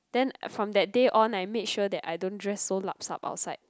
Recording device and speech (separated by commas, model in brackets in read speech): close-talking microphone, conversation in the same room